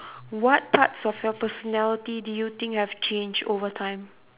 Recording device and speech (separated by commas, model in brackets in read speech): telephone, conversation in separate rooms